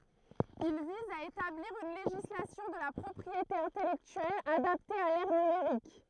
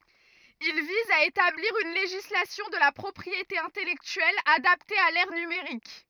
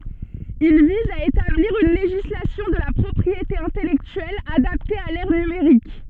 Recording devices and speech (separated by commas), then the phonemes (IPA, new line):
throat microphone, rigid in-ear microphone, soft in-ear microphone, read sentence
il viz a etabliʁ yn leʒislasjɔ̃ də la pʁɔpʁiete ɛ̃tɛlɛktyɛl adapte a lɛʁ nymeʁik